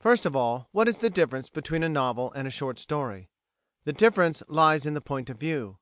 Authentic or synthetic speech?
authentic